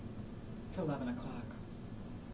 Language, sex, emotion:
English
female
neutral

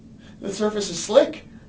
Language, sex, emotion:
English
male
fearful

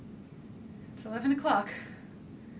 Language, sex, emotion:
English
female
fearful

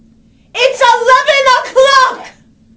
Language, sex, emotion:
English
female
angry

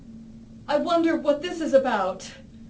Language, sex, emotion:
English
female
fearful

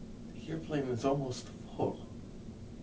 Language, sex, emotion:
English
male
neutral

